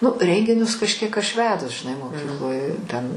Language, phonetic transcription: Lithuanian, ˈnu ˈrenginius kažˈkiek aš ˈvedus žiˈnai moˈkykloj ten

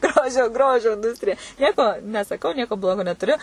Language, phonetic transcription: Lithuanian, ˈgrožio ˈgrožio inˈdūstrija ˈnieko nesaˈkau ˈnieko ˈblogo netuˈriu

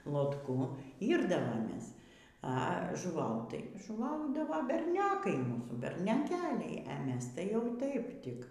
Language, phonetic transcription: Lithuanian, lotˈku ˈyrdavomės a žuˈvaut tai žuˈvaudava berˈniokai ˈmūsų bernioˈkeliai a ˈmes tai jau ˈtaip ˈtik

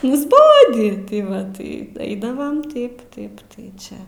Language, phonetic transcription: Lithuanian, nusˈbodį ti ˈva tai ˈeidavam ˈtaip ˈtaip tai ˈčia

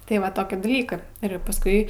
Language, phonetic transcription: Lithuanian, tai ˈva ˈtokį daˈlykɜ ir pasˈkui

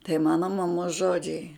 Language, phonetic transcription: Lithuanian, tai ˈmana maˈmos ˈžodžiai

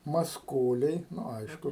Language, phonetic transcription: Lithuanian, masˈkoliai ˈnu ˈaišku

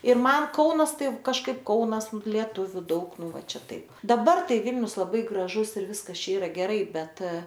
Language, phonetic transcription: Lithuanian, ir ˈman ˈkaunas ˈtai kažˈkaip ˈkaunas lieˈtuviu ˈdaug ˈnu ˈva ˈčia ˈtaip daˈbar ˈtai ˈvilnius laˈbai graˈžus ir ˈviskas ˈčia ˈyra geˈrai ˈbet

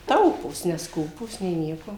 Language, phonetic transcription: Lithuanian, ˈtaupūs nesˈkūpūs nė ˈnieko

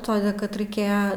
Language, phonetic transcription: Lithuanian, ˈtode kad raiˈkėja

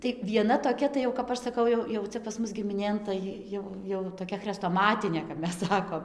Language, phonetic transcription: Lithuanian, tai vieˈna toˈkia tai jau kap ˈaš saˈkau jau jau ˈcia pas ˈmus gimiˈnėn tai ˈjau jau toˈkia chrestoˈmatinė kap ˈmes ˈsakom

